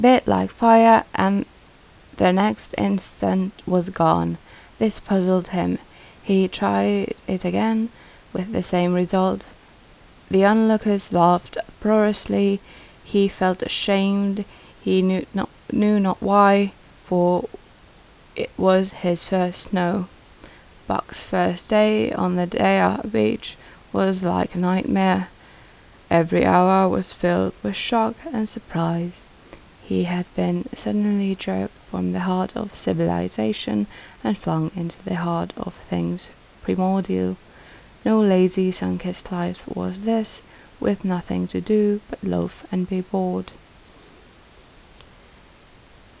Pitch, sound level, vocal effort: 185 Hz, 77 dB SPL, soft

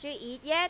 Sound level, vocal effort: 96 dB SPL, very loud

